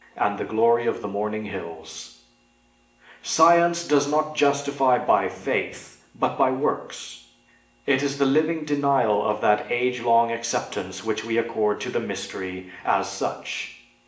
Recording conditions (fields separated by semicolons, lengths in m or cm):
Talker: one person; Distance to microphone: 1.8 m; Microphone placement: close; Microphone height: 1.0 m; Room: large; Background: none